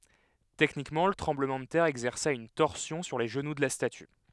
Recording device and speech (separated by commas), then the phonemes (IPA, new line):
headset microphone, read sentence
tɛknikmɑ̃ lə tʁɑ̃bləmɑ̃ də tɛʁ ɛɡzɛʁsa yn tɔʁsjɔ̃ syʁ le ʒənu də la staty